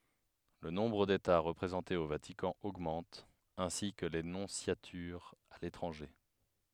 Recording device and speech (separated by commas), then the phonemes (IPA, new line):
headset microphone, read sentence
lə nɔ̃bʁ deta ʁəpʁezɑ̃tez o vatikɑ̃ oɡmɑ̃t ɛ̃si kə le nɔ̃sjatyʁz a letʁɑ̃ʒe